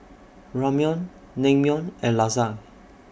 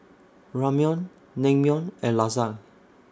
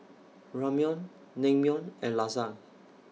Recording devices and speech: boundary microphone (BM630), standing microphone (AKG C214), mobile phone (iPhone 6), read sentence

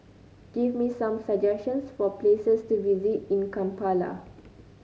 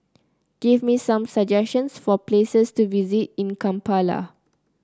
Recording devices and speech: mobile phone (Samsung C9), close-talking microphone (WH30), read sentence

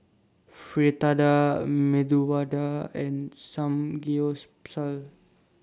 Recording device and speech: standing microphone (AKG C214), read sentence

